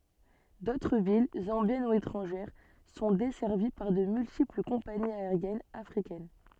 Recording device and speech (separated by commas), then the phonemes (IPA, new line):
soft in-ear microphone, read sentence
dotʁ vil zɑ̃bjɛn u etʁɑ̃ʒɛʁ sɔ̃ dɛsɛʁvi paʁ də myltipl kɔ̃paniz aeʁjɛnz afʁikɛn